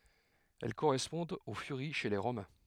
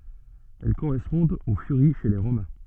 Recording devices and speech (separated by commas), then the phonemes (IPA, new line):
headset microphone, soft in-ear microphone, read sentence
ɛl koʁɛspɔ̃dt o fyʁi ʃe le ʁomɛ̃